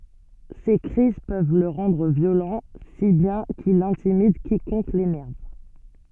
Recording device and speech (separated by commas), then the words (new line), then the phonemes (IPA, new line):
soft in-ear microphone, read sentence
Ses crises peuvent le rendre violent, si bien qu'il intimide quiconque l'énerve.
se kʁiz pøv lə ʁɑ̃dʁ vjolɑ̃ si bjɛ̃ kil ɛ̃timid kikɔ̃k lenɛʁv